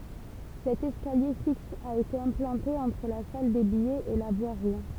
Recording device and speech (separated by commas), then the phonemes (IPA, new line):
temple vibration pickup, read sentence
sɛt ɛskalje fiks a ete ɛ̃plɑ̃te ɑ̃tʁ la sal de bijɛz e la vwaʁi